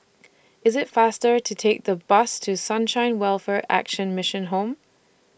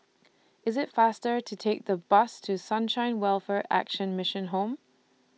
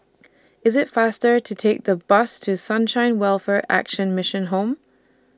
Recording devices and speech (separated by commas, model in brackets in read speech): boundary microphone (BM630), mobile phone (iPhone 6), standing microphone (AKG C214), read sentence